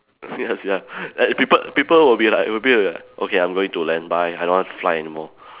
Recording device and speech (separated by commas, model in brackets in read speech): telephone, conversation in separate rooms